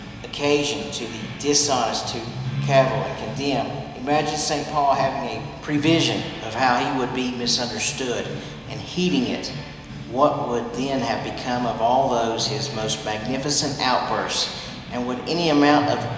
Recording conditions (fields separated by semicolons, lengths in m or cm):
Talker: one person; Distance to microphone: 1.7 m; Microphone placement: close; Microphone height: 1.0 m; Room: very reverberant, large; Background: music